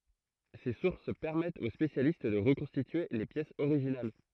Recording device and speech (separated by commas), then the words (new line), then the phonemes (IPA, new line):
throat microphone, read sentence
Ces sources permettent aux spécialistes de reconstituer les pièces originales.
se suʁs pɛʁmɛtt o spesjalist də ʁəkɔ̃stitye le pjɛsz oʁiʒinal